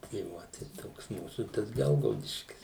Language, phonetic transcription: Lithuanian, tai ˈvo tai ˈtoks ˈmūsų tas ˈgelgaudiškis

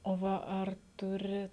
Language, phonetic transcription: Lithuanian, o ˈva ˈar ˈturi

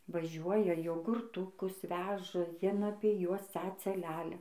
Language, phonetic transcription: Lithuanian, vaˈžiuoja jogurˈtukus ˈveža ˈjien ˈapie ˈjuos ˈcaca ˈlælia

